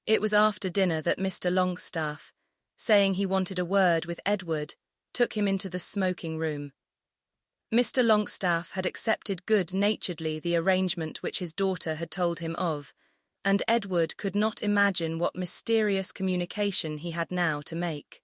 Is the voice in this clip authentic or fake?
fake